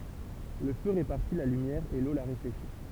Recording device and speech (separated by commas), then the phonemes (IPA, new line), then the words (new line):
temple vibration pickup, read sentence
lə fø ʁepaʁti la lymjɛʁ e lo la ʁefleʃi
Le feu répartit la lumière et l'eau la réfléchit.